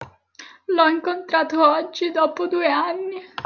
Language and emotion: Italian, sad